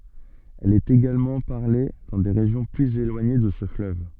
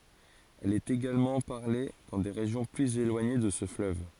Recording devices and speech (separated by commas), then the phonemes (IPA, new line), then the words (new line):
soft in-ear microphone, forehead accelerometer, read sentence
ɛl ɛt eɡalmɑ̃ paʁle dɑ̃ de ʁeʒjɔ̃ plyz elwaɲe də sə fløv
Elle est également parlée dans des régions plus éloignées de ce fleuve.